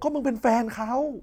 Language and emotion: Thai, angry